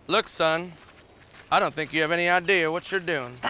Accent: With Southern accent